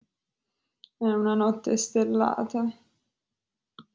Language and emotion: Italian, sad